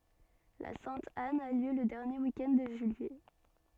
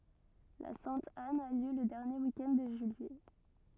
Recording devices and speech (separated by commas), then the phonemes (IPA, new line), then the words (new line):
soft in-ear microphone, rigid in-ear microphone, read sentence
la sɛ̃t an a ljø lə dɛʁnje wik ɛnd də ʒyijɛ
La Sainte-Anne a lieu le dernier week-end de juillet.